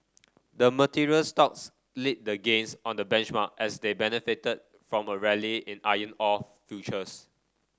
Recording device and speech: standing microphone (AKG C214), read sentence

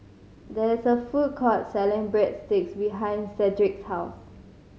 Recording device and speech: mobile phone (Samsung C5010), read sentence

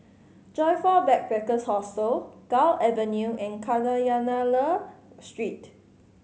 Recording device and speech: mobile phone (Samsung C5010), read sentence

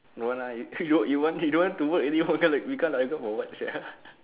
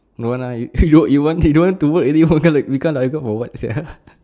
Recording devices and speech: telephone, standing microphone, conversation in separate rooms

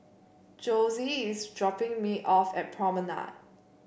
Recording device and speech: boundary microphone (BM630), read sentence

